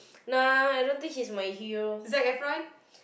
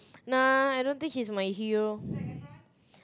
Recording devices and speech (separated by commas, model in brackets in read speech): boundary microphone, close-talking microphone, conversation in the same room